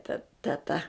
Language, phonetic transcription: Lithuanian, ta teˈta

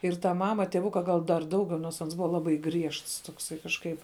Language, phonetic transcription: Lithuanian, ir ta ˈmama tieˈvuka gal dar ˈdaugiau nors ˈans ˈbuva ˈlabai ˈgriežts ˈtoksai kažˈkaip

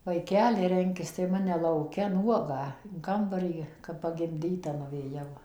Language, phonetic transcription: Lithuanian, vaiˈkeli ˈrenkis tai ˈmane lauˈke ˈnuogą in ˈkambarį kap pagimˈdyta nuvėˈjau

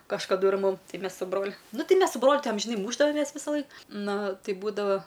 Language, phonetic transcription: Lithuanian, kažkaˈdu ir ˈmum ˈtai ˈmes su ˈbroliu ˈnu ˈtei ˈmes su ˈbroliu ˈtai amžiˈnai ˈmūšdavomes visaˈlaik ˈnu ˈtai ˈbūdava

